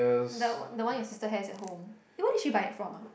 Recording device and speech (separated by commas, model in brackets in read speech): boundary microphone, conversation in the same room